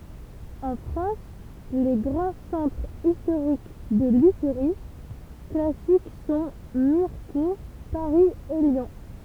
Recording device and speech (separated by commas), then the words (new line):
temple vibration pickup, read sentence
En France, les grands centres historiques de lutherie classique sont Mirecourt, Paris et Lyon.